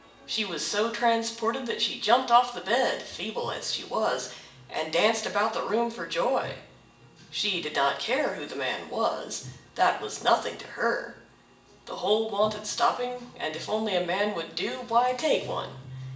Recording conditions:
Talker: one person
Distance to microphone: 1.8 m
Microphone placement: close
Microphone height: 1.0 m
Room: large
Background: music

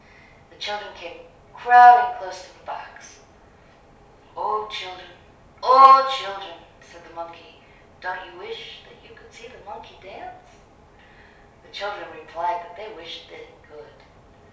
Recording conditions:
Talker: one person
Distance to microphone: 3.0 m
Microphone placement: far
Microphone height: 1.8 m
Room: small (3.7 m by 2.7 m)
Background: none

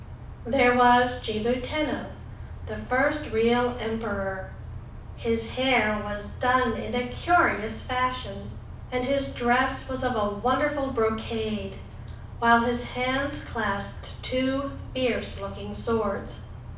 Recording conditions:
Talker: one person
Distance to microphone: 5.8 m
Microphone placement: far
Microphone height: 1.8 m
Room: medium-sized (5.7 m by 4.0 m)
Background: none

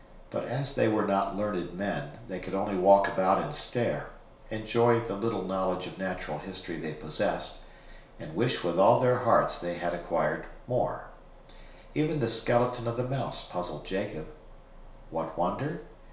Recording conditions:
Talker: one person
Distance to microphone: 1.0 m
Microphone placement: close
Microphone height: 1.1 m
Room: small (3.7 m by 2.7 m)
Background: none

